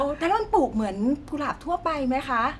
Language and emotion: Thai, neutral